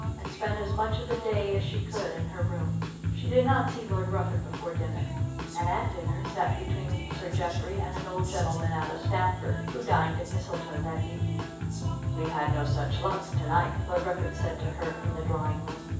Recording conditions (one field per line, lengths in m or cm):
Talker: one person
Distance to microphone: 9.8 m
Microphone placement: far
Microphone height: 1.8 m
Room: large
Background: music